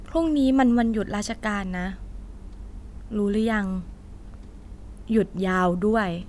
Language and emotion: Thai, neutral